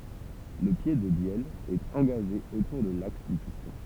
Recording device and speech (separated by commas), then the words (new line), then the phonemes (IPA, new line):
temple vibration pickup, read sentence
Le pied de bielle est engagé autour de l'axe du piston.
lə pje də bjɛl ɛt ɑ̃ɡaʒe otuʁ də laks dy pistɔ̃